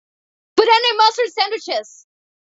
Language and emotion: English, surprised